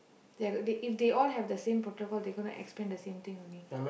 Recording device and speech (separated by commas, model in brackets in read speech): boundary microphone, conversation in the same room